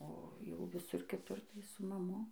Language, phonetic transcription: Lithuanian, o ˈjau viˈsur kiˈtur tai su maˈmu

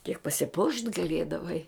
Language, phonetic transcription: Lithuanian, kiek pasiˈpuošt' gaˈliedavai

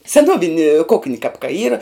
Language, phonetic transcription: Lithuanian, seˈnuovini ˈkukni kap ka ˈyra

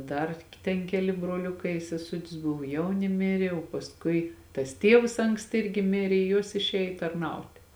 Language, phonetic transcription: Lithuanian, ˈdar ten ˈkeli broˈliukai i seˈsutis ˈbuvo ˈjauni ˈmiri o pasˈkui tas ˈtievs ˈanksti ˈirgi ˈmirė i ˈjuos išˈėj tarˈnautė

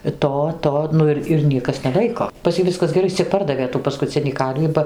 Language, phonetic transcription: Lithuanian, i ˈto ˈto ˈnu ir ir ˈniekas neˈlaiko pas ˈjį ˈviskas geˈrai ˈis cia ˈpardavė tų paskuˈcinį ˈkarvį ba

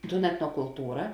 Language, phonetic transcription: Lithuanian, tūn etnokulˈtūra

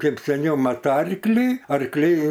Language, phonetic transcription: Lithuanian, ˈkaip seˈniau ˈmat ˈarklį arkˈliai

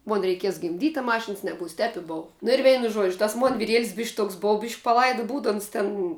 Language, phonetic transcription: Lithuanian, ˈmon reiˈkies gimˈdyt' a ˈmašins neˈbūs tep i ˈbova nu ir ˈveinu ˈžuodžiu tas ˈmon viˈriel's' bišk' ˈtoks ˈbov biš' paˈlaidu ˈbūdu ˈons ten

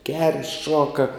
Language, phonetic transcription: Lithuanian, ger' ˈšuoka

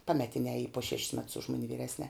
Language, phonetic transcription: Lithuanian, ˈpametinē ˈy po šeš's mets už ˈmuni vyˈresnē

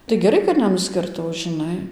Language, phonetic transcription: Lithuanian, tai geˈrai kad neˌnuskirˈtau žiˈnai

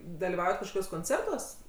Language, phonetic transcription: Lithuanian, dalyˈvaujat kažkoˈkiuos konˈcertuos

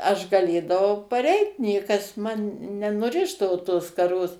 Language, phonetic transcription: Lithuanian, ˈaš gaˈlėdavau paˈreit ˈniekas ˈman nenuˈrišdavo tos skaˈros

